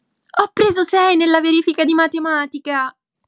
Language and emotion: Italian, happy